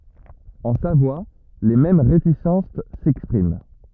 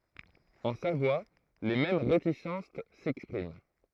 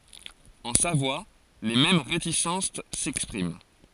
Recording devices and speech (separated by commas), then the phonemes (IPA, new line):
rigid in-ear microphone, throat microphone, forehead accelerometer, read sentence
ɑ̃ savwa le mɛm ʁetisɑ̃s sɛkspʁim